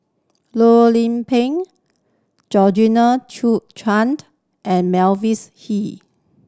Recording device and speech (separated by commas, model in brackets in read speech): standing microphone (AKG C214), read sentence